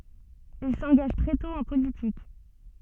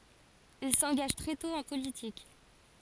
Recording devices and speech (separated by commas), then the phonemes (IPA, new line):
soft in-ear microphone, forehead accelerometer, read sentence
il sɑ̃ɡaʒ tʁɛ tɔ̃ ɑ̃ politik